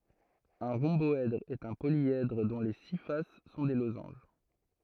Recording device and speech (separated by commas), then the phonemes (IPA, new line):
throat microphone, read sentence
œ̃ ʁɔ̃bɔɛdʁ ɛt œ̃ poljɛdʁ dɔ̃ le si fas sɔ̃ de lozɑ̃ʒ